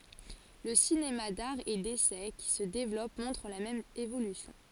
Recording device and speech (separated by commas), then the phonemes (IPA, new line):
forehead accelerometer, read sentence
lə sinema daʁ e desɛ ki sə devlɔp mɔ̃tʁ la mɛm evolysjɔ̃